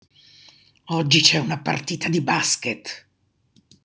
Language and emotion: Italian, angry